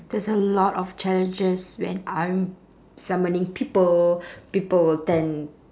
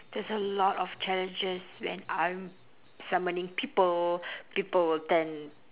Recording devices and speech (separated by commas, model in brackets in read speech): standing microphone, telephone, conversation in separate rooms